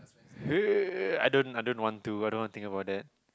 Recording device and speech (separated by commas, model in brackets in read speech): close-talking microphone, conversation in the same room